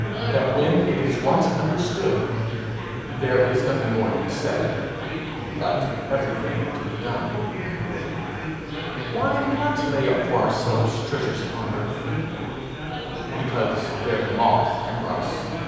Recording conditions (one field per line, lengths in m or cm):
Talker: one person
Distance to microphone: 7.1 m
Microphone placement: far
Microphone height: 1.7 m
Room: very reverberant, large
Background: babble